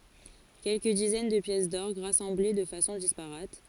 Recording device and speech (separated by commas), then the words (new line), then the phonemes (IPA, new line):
forehead accelerometer, read sentence
Quelques dizaines de pièces d'orgue, rassemblées de façon disparate.
kɛlkə dizɛn də pjɛs dɔʁɡ ʁasɑ̃ble də fasɔ̃ dispaʁat